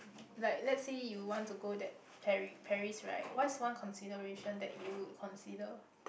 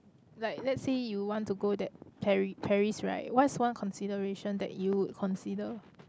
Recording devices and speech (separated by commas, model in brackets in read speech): boundary microphone, close-talking microphone, conversation in the same room